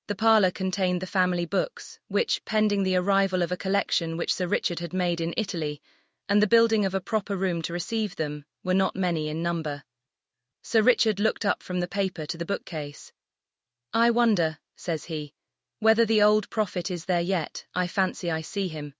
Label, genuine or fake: fake